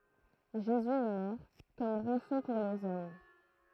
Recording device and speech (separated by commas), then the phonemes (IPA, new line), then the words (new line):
throat microphone, read sentence
ʒezy ɛ mɔʁ kɔm ʁɑ̃sɔ̃ puʁ lez ɔm
Jésus est mort comme rançon pour les hommes.